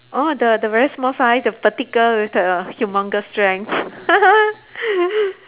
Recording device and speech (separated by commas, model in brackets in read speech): telephone, conversation in separate rooms